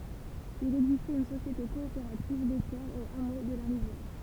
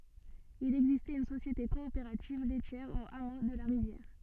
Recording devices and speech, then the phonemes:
temple vibration pickup, soft in-ear microphone, read sentence
il ɛɡzistɛt yn sosjete kɔopeʁativ lɛtjɛʁ o amo də la ʁivjɛʁ

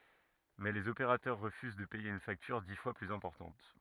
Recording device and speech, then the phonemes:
rigid in-ear microphone, read sentence
mɛ lez opeʁatœʁ ʁəfyz də pɛje yn faktyʁ di fwa plyz ɛ̃pɔʁtɑ̃t

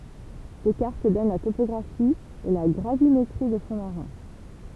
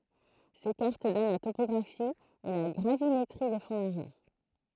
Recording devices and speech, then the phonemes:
temple vibration pickup, throat microphone, read sentence
se kaʁt dɔn la topɔɡʁafi e la ɡʁavimetʁi de fɔ̃ maʁɛ̃

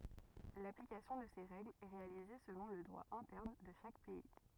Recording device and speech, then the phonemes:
rigid in-ear microphone, read sentence
laplikasjɔ̃ də se ʁɛɡlz ɛ ʁealize səlɔ̃ lə dʁwa ɛ̃tɛʁn də ʃak pɛi

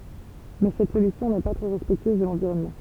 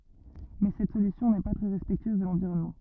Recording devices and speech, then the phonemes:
temple vibration pickup, rigid in-ear microphone, read sentence
mɛ sɛt solysjɔ̃ nɛ pa tʁɛ ʁɛspɛktyøz də lɑ̃viʁɔnmɑ̃

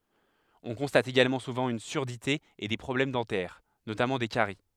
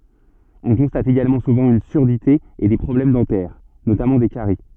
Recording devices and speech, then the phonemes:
headset microphone, soft in-ear microphone, read sentence
ɔ̃ kɔ̃stat eɡalmɑ̃ suvɑ̃ yn syʁdite e de pʁɔblɛm dɑ̃tɛʁ notamɑ̃ de kaʁi

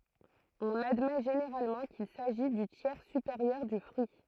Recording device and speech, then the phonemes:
throat microphone, read sentence
ɔ̃n admɛ ʒeneʁalmɑ̃ kil saʒi dy tjɛʁ sypeʁjœʁ dy fʁyi

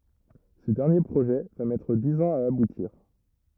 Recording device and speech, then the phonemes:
rigid in-ear microphone, read sentence
sə dɛʁnje pʁoʒɛ va mɛtʁ diz ɑ̃z a abutiʁ

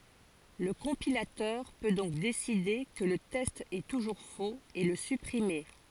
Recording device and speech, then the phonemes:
forehead accelerometer, read sentence
lə kɔ̃pilatœʁ pø dɔ̃k deside kə lə tɛst ɛ tuʒuʁ foz e lə sypʁime

